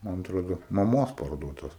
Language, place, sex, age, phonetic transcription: Lithuanian, Aukštaitija, male, 18-60, ˈman atˈrodo maˈmos parˈduotas

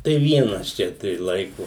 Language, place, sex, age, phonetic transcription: Lithuanian, Suvalkija, male, 60+, tai ˈvienas ˈčia tai ˈlaiku

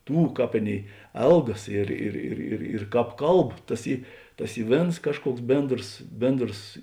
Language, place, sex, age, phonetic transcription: Lithuanian, Žemaitija, male, 60+, ˈtų ˈkāp ˈaˌnėi ˈelgas ˈir ir ir ir ir ˈkāp ˈkalb ˈtas ˈy ˈtas ˈy ˈvėns ˈkažˌkuoks ˈbėndros ˈbėndros

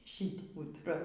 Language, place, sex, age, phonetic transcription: Lithuanian, Aukštaitija, female, 60+, ˈšit putˈra

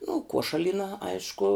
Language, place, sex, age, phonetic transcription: Lithuanian, Žemaitija, female, 18-60, nu ˈkuošalyna ˈaišku

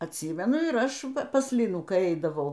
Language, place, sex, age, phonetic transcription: Lithuanian, Aukštaitija, female, 60+, atˈsymenu ir ˈaš pas ˈlinų kai ˈeidavau

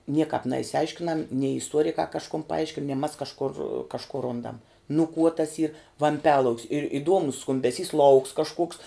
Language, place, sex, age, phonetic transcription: Lithuanian, Žemaitija, female, 18-60, ˈniekāp neišsiˈaiškinam nei isˈtuorikā kažˈkun paˈaiškin nie mas kažˈkur kažˈku ˈrundam nu kuo tas yr vamˈpialauk's ir iˈduomus skumbeˈsys lauks kažˈkuoks

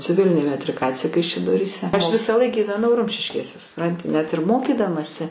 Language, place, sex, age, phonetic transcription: Lithuanian, Aukštaitija, female, 60+, ciˈvilinė metriˈkacija kaišiadoryˈse ˈaš visąˈlaik gyveˈnau ˈrumšiškėse suˈpranti ˈnet ir ˈmokydamasi

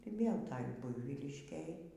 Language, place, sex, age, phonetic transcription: Lithuanian, Aukštaitija, female, 60+, ir ˈvėl ˈtaj ˈbuivyliškėj

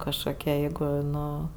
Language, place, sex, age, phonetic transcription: Lithuanian, Aukštaitija, female, 18-60, kažkoˈkie ˈjeigu ˈnu

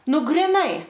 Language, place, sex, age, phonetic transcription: Lithuanian, Aukštaitija, female, 18-60, ˈ nu griˈnai

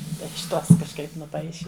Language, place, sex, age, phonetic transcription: Lithuanian, Žemaitija, female, 60+, iš ˈtos kažˈkaip nuˈpaiši

